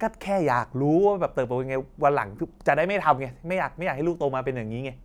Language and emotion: Thai, frustrated